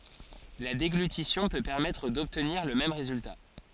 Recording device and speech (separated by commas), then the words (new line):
forehead accelerometer, read sentence
La déglutition peut permettre d'obtenir le même résultat.